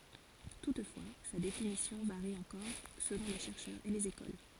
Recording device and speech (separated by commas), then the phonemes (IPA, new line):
forehead accelerometer, read sentence
tutfwa sa definisjɔ̃ vaʁi ɑ̃kɔʁ səlɔ̃ le ʃɛʁʃœʁz e lez ekol